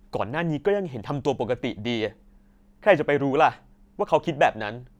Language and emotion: Thai, frustrated